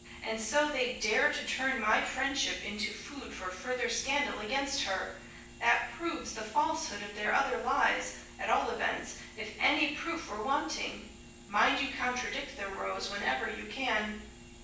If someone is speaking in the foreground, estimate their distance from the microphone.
9.8 m.